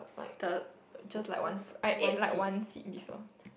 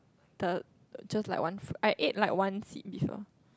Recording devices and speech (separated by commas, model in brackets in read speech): boundary microphone, close-talking microphone, conversation in the same room